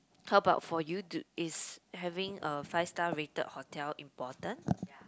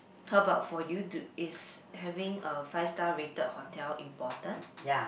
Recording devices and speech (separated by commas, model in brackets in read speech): close-talking microphone, boundary microphone, conversation in the same room